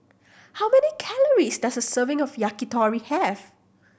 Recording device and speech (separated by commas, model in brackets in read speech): boundary microphone (BM630), read sentence